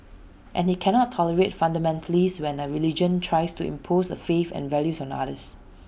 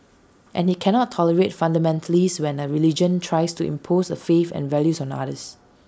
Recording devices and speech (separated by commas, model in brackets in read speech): boundary microphone (BM630), standing microphone (AKG C214), read sentence